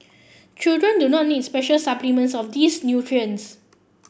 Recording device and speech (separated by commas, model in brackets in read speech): boundary microphone (BM630), read sentence